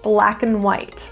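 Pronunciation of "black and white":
In 'black and white', 'and' is reduced to just an n sound.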